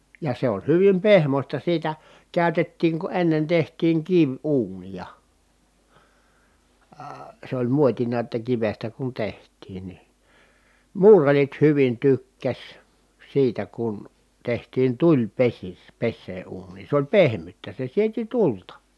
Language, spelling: Finnish, ja se on hyvin pehmoista siitä käytettiin kun ennen tehtiin kiviuuneja - se oli muotina että kivestä kun tehtiin niin muurarit hyvin tykkäsi siitä kun tehtiin - tulipesää uuniin se oli pehmyttä se sieti tulta
- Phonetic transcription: ja se on̬ hyvim pehmośta siitä , kä̀ytettiiŋ ku ennen teht̀iiŋ kiv₍uunija , əə , sᵉ ‿oĺ muotina ᵉttä kivestä kun teht̀iin ni , muurarit hyvin tykkäs , siitä kun , tehtiin tuĺpesis- , -pessee uuǹiin̬ sᵉ ‿oĺ pehmyttä , se sieti tulta .

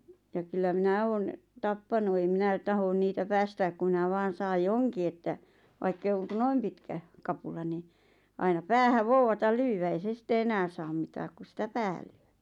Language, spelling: Finnish, ja kyllä minä olen tappanut ei minä tahdo niitä päästää kun minä vain saan johonkin että vaikka ei ole kuin noin pitkä kapula niin aina päähän vouvataan lyödä ei se sitten enää saa mitään kun sitä päähän lyö
- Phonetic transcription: ja kyllä "minä 'oon , "tappanu eim "minä 'tahon niitä 'päästääk ku minä 'vaan̬ 'saaj "joŋki että , 'vaikk ‿eʿⁱʾ oŋ ku "noim pitkä , "kapula ni , aina "päähäᵛ 'vouwatal "lyywä ei 'se sitte 'enään̬ saam 'mitääk ku sitä "päähᴀ̈ʟ ʟʏö .

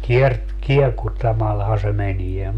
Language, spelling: Finnish, - kiekuttamallahan se menee
- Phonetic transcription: 'kiert- , "kiekuttamalhaa se 'menie .

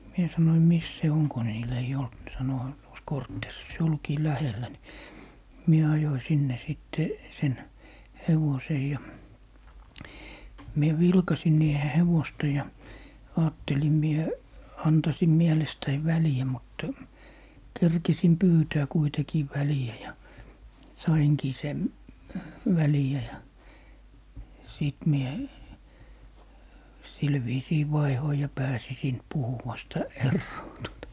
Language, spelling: Finnish, minä sanoin missä se on kun niillä ei ollut ne sanoi heillä on tuossa kortteerissa se olikin lähellä niin minä ajoin sinne sitten sen hevosen ja minä vilkaisin niiden hevosta ja ajattelin minä antaisin mielestäni väliä mutta kerkisin pyytää kuitenkin väliä ja sainkin sen väliä ja sitten minä sillä viisiin vaihdoin ja pääsin siitä puhuvasta eroon tuota
- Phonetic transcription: 'mie sanoim » 'mis se "oŋ » ko niil ei'j ‿olt ne 'sano » (höil ‿òn) tuos "korttèris » se 'olkii "lähellä ni , 'mie ajoi 'sinne 'sìtte , 'sen , "hevosej ja , 'mie 'vilkasin niihe 'hevosta ja , 'aattelim mie , 'antasim 'miɛlestäiv "väli₍ä mutta , 'kerkisim "pyytää kuitekii 'väli₍ä ja , "saiŋkii sem , "väli₍ä ja , 'sìt mie , 'sil viisii "vaihoi ja 'pääsi siint 'puhuwasta , "erroo tuota .

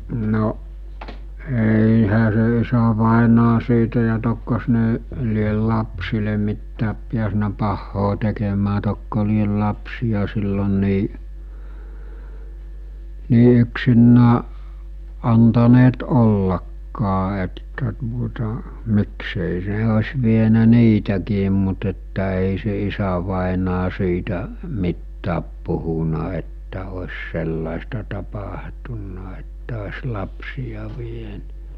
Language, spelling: Finnish, no eihän se isävainaja siitä ja tokko ne lie lapsille mitään päässyt pahaa tekemään tokko lie lapsia silloin niin niin yksinään antaneet ollakaan että tuota miksi ei se olisi vienyt niitäkin mutta että ei se isävainaja siitä mitään puhunut että olisi sellaista tapahtunut että olisi lapsia vieneet
- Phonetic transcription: no , 'èìhä se isävàenaa siitä ja tokkos ne , liel 'lapsile mittääp piäsnä 'pahhoo tekemää tokko liel lapsiʲa sillon nii , 'nii yksinnää , antaneet 'ollakkaa että tuota , miksèi 's̬e os̜ vienä 'niitäkiim mut että èi se 'isävàenaa siitä , 'mittääp puhuna että os̜ 'sellàesta tapahtunna että os 'lapsija vien(eet) .

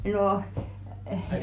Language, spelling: Finnish, no -
- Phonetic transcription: nòʰ , eh ,.

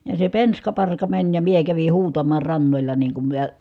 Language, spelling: Finnish, ja se penska parka meni ja minä kävin huutamaan rannalla niin kun minä
- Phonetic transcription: ja se penska parka mäń ja mie kävi huutamaa rannoĺa niiŋ kum miə ,.

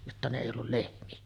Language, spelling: Finnish, jotta ne ei ollut lehmiä
- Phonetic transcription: jotta ne èi ollul 'lehmi₍ä .

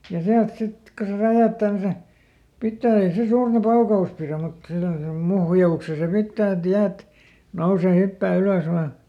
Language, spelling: Finnish, ja sieltä sitten kun se räjähtää niin se pitää ei se suurta paukaus pidä mutta semmoisen muhjauksen se pitää että jäät nousee hyppää ylös vain
- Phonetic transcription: ja ˈsiält ˈsit , ko se "räjäättää ni se , ˈpittää ei se suurta ˈpauka₍us piräm mut ˈsemmosem "muhja₍ukse se ˈpittää et ˈjäät , ˈnousè ˈhyppää ˈylös ˈvaa .

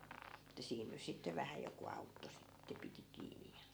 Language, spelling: Finnish, että siinä nyt sitten vähän joku auttoi sitten piti kiinni ja
- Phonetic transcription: että 'siin nys sitte 'vähä joku 'autto sitte 'piti 'kiinij ja ,.

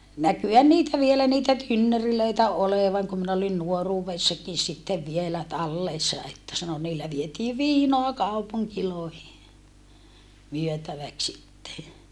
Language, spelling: Finnish, näkyihän niitä vielä niitä tynnyreitä olevan kun minä olin nuoruudessakin sitten vielä tallessa että sanoi niillä vietiin viinaa kaupunkeihin myytäväksi sitten
- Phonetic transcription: näkyhän niitä vielä niitä tynnörilöitä olevaŋ kum min ‿olin nuoruuvessakin sittev vielä tallèssa että sano » niillä vietii viinoa kaupuŋkilòehi , myöntäväks sitte » .

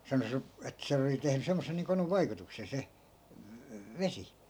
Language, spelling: Finnish, sanoi se että sen oli tehnyt semmoisen niin konun vaikutuksen se vesi
- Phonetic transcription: 'sano se , et 'se(n ‿)oli tehny 'semmosen̆ niiŋ 'konuv̆ "vaikutuksen̬ se , "vesi .

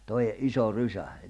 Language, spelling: Finnish, toe iso rysä
- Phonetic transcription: 'toʲe , '’iso 'rysä .

